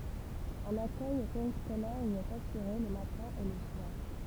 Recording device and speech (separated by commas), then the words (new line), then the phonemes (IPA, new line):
temple vibration pickup, read sentence
Un accueil périscolaire y est assuré le matin et le soir.
œ̃n akœj peʁiskolɛʁ i ɛt asyʁe lə matɛ̃ e lə swaʁ